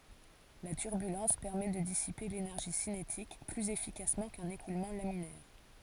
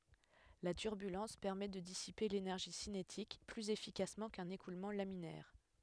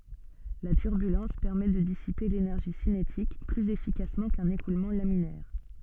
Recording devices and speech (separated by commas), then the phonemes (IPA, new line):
forehead accelerometer, headset microphone, soft in-ear microphone, read sentence
la tyʁbylɑ̃s pɛʁmɛ də disipe lenɛʁʒi sinetik plyz efikasmɑ̃ kœ̃n ekulmɑ̃ laminɛʁ